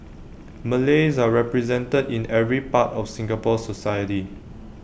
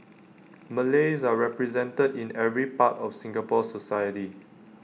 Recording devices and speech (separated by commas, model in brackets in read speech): boundary microphone (BM630), mobile phone (iPhone 6), read sentence